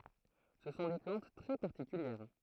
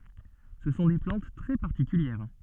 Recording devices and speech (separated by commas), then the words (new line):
throat microphone, soft in-ear microphone, read sentence
Ce sont des plantes très particulières.